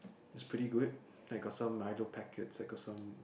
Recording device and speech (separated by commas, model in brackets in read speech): boundary microphone, conversation in the same room